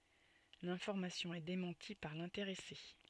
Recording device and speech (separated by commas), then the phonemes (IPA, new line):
soft in-ear microphone, read sentence
lɛ̃fɔʁmasjɔ̃ ɛ demɑ̃ti paʁ lɛ̃teʁɛse